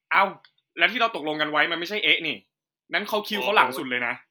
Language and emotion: Thai, angry